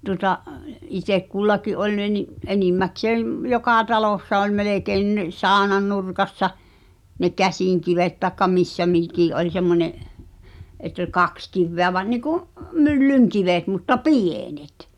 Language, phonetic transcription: Finnish, tuŏta’ , 'itek "kullaki’ ’oĺ ne ni , "enimmäkseem , "jokà 'talòssa ol 'melekein (nin) "saaᵒnannurkassa , ne "käsìŋkivet taĕkka "missä 'mikì’ ’oĺ semmońe’ , et̆t ‿o(l) "kaks kivveä va- , niku’ , 'myllyŋ"kivet mutta "pì̳e̳net .
- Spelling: tuota itse kullakin oli ne niin enimmäkseen joka talossa oli melkein niin saunannurkassa ne käsinkivet tai missä mikin oli semmoinen että oli kaksi kiveä - niin kuin myllynkivet mutta pienet

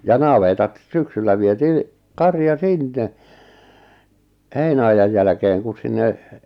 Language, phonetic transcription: Finnish, ja 'navetat , 'syksyllä vietii , "karja "sinne , 'heinä₍ajaj jälᵃ̈keeŋ kun̬ sinne ,.
- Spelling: ja navetat syksyllä vietiin karja sinne heinäajan jälkeen kun sinne

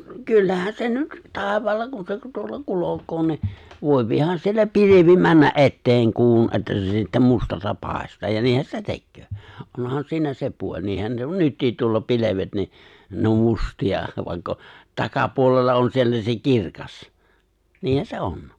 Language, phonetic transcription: Finnish, 'kyllähän se 'nyt , 'tàevaalla kun se tuolla 'kulok̀o ni , 'vòepihan siellä 'pilivi 'männä’ '’etteeŋ 'kuun että se sittä "mustassa 'pài̬staa ja 'niihän se "tekköö , onhan 'siinä 'se puo͕ĺ 'niihän se "nyttiit tuolla 'pilevet ni , ne om 'musti₍a , vài̬kk ‿o , 'takapuolella on 'siellä se "kirkas , 'niihän 'se "’on .
- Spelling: kyllähän se nyt taivaalla kun se tuolla kulkee niin voihan siellä pilvi mennä eteen kuun että se sitten mustassa paistaa ja niinhän se tekee onhan siinä se puoli niinhän se nyt tuolla pilvet niin ne on mustia vaikka on takapuolella on siellä se kirkas niinhän se on

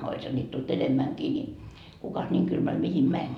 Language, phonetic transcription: Finnish, oisha ńiit tult 'enemmäŋkii ni , kukas 'ńiiŋ 'kylmäl mihim 'mäń ?
- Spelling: olisihan niitä tullut enemmänkin niin kukas niin kylmällä mihin meni

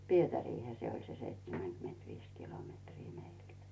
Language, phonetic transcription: Finnish, Pietärihä se oĺ se 'seitsemäkymentviis kilometrii meilt .
- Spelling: Pietariinhan se oli se seitsemänkymmentäviisi kilometriä meiltä

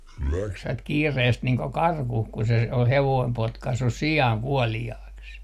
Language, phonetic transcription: Finnish, juoksvat 'kiireest niiŋ ko "karkuh ku se ol 'hevoim 'potkassus "si₍àŋ "kuɔli₍aaks .
- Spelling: juoksivat kiireesti niin kuin karkuun kun se oli hevonen potkaissut sian kuoliaaksi

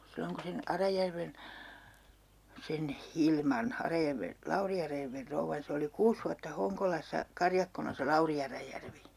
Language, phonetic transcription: Finnish, 'silloŋ kun̬ 'sen , 'Arajärven , 'sen "Hilman , 'Arajärven , 'Lauri Arajärver 'rouvvan 'se oli "kuus vuatta 'Hoŋkolas̀a , 'karjakkona se "Lauri Arajärvi .
- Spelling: silloin kun sen Arajärven sen Hilman Arajärven Lauri Arajärven rouvan se oli kuusi vuotta Honkolassa karjakkona se Lauri Arajärvi

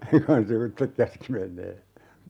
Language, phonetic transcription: Finnish, ku han "sivuttek 'käski 'meǹee .
- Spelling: kun hän sivuitse käski menemään

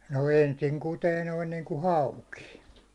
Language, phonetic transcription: Finnish, no "ensiŋ kutee noin niiŋku "hauki .
- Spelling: no ensin kutee noin niin kuin hauki

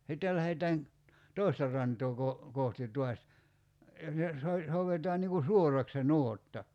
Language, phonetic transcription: Finnish, 'sittel lähetään , "tòista r̀antoo ko- , 'kohti t̀uas , , so- , 'souvetaan niŋ ku "suorak se "nuotta .
- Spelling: sitten lähdetään toista rantaa - kohti taas - soudetaan niin kuin suoraksi se nuotta

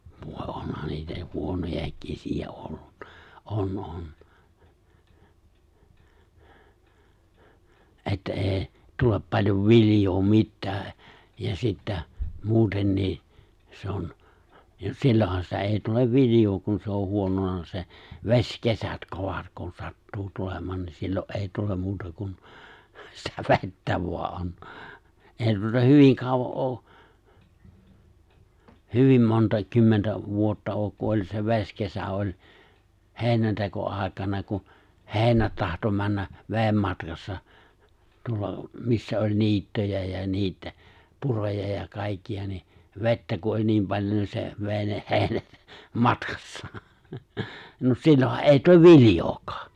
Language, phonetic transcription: Finnish, 'vòe 'onhan niitä 'huonojài̬k 'kesi₍ä ollun(na) '’on '’on , ’että '’e̬e̬' 'tulep 'paĺjov 'viljoo 'mittää , ja 'sittä , 'muutennii , se on , ja 'sillohan sitä 'èi tulev 'vilijoo kun se on 'huonona 'se , "veśkesät 'kovat kun 'sattuu 'tulem̀aan ni 'sillo’ '’èi 'tulem 'muuta kun , sitä "ve̬ttä vo̭a '’on , 'èi tuota "hyviŋ 'kàova’ '’oo , "hyvim 'montàek 'kymmentä 'vuotta ook ku oĺ se 've̬skesä oĺ , "hè̬inänteko₍àikana ku , "he̬e̬ⁱnät 'tahto 'männä , "veem 'matkassa , tuolla , 'missä oĺ 'niitt(yjä) jä 'niit̀ä , 'puroja ja 'kàikki₍a ni , 've̬ttä ku o͕ĺ niim paĺjon ni se , 've̬e̬ⁱ ne 'he̬e̬ⁱnät , "matkassaa , nᵒ "sillohan '’èi 'tuv "vilⁱjookaa .
- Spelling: voi onhan niitä huonojakin kesiä ollut on on että ei tule paljon viljaa mitään ja sitten muutenkin se on ja silloinhan sitä ei tule viljaa kun se on huonona se vesikevät kovat kun sattuu tulemaan niin silloin ei tule muuta kuin sitä vettä vain on ei tuota hyvin kauan ole hyvin montaa kymmentä vuotta ole kun oli se vesikesä oli heinäntekoaikana kun heinät tahtoi mennä veden matkassa tuolla missä oli niittyjä ja niitä puroja ja kaikkia niin vettä kun oli niin paljon niin se vei ne heinät matkassaan no silloinhan ei tule viljaakaan

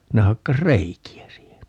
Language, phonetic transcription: Finnish, ne 'hakkas "reiki₍ä 'siihen .
- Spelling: ne hakkasi reikiä siihen

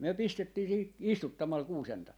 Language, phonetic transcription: Finnish, myö 'pistettii siihi 'istuttamal 'kuusen(tain) .
- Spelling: me pistettiin siihen istuttamalla kuusentainta

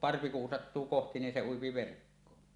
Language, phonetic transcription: Finnish, parvi kun sattuu "kohti ni 'se 'uipi 'verkkoon .
- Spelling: parvi kun sattuu kohti niin se ui verkkoon

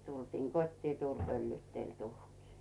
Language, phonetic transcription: Finnish, 'tultiiŋ "kot́tii "tuuĺ pöllyytteĺ 'tuhkii .
- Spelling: tultiin kotiin tuuli pöllyytteli tuhkia

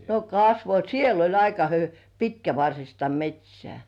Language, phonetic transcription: Finnish, 'no "kasvo , "siel ‿oĺ 'aika hy- "pitkävarsista "met́śĕä̀ .
- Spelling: no kasvoi siellä oli aika - pitkävartista metsää

